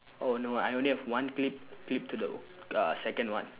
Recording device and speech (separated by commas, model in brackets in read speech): telephone, conversation in separate rooms